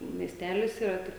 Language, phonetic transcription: Lithuanian, miesˈtelis yˈra ˈtik

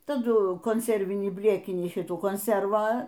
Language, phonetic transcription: Lithuanian, taˈdu konˈservinį ˈblėkinį ˈšitų konˈservą

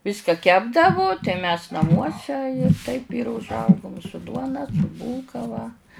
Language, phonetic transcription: Lithuanian, ˈviska ˈkepdavu tai mes naˈmuose taip ir užˈaugum su ˈduona su ˈbūlka va

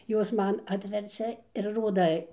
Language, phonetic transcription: Lithuanian, ˈjos ˈman ˈatvercia ir ˈroda

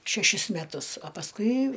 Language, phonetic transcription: Lithuanian, šeˈšis meˈtus a pasˈkui

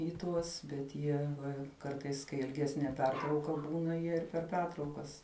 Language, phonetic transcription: Lithuanian, i ˈtuos bet ˈjie ˈva ˈkartais kai ilˈgesnie ˈpertrauka ˈbūna ˈjie ir per ˈpertraukas

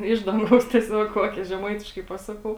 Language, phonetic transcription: Lithuanian, ˈiš danˌgaus tieˈsiog ˈkokė žeˈmaitiškai ˈpasaˌkau

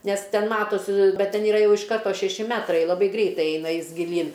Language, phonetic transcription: Lithuanian, ˈnes ˈten ˈmatos ˈbet ˈten iˈra ˈjau iš ˈkarto šeˈši ˈmetrai laˈbai ˈgreitai ˈeina ˈjis giˈlyn

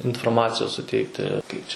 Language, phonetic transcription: Lithuanian, inforˈmacijos suˈteikti ˈkaip čia

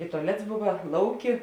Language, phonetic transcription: Lithuanian, i tuaˈlets ˈbuva ˈlauˌki

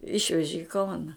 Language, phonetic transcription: Lithuanian, ˈišveži i ˈkauna

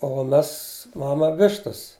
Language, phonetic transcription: Lithuanian, o ˈmes ˈmama ˈvištas

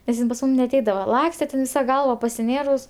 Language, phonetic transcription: Lithuanian, nes ˈjin pas ˈmūm neaˈteidava ˈlakste ten ˈvisa ˈgalva pasiˈnėrus

